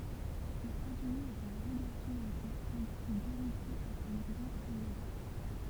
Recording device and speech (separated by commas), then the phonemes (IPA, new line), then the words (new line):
temple vibration pickup, read sentence
mɛz azymi ɛt œ̃ vʁɛ ɡaʁsɔ̃ mɑ̃ke tɑ̃di kə ɡoʁiki ɛt yn vʁɛ famlɛt
Mais Azumi est un vrai garçon manqué, tandis que Gôriki est une vraie femmelette.